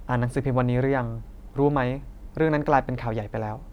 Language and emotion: Thai, neutral